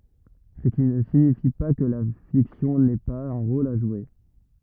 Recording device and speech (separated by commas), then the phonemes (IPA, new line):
rigid in-ear microphone, read sentence
sə ki nə siɲifi pa kə la fiksjɔ̃ nɛ paz œ̃ ʁol a ʒwe